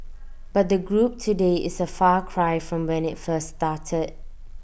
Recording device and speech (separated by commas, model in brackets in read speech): boundary microphone (BM630), read sentence